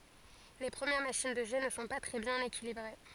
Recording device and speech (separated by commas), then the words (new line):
forehead accelerometer, read sentence
Les premières machines de jet ne sont pas très bien équilibrées.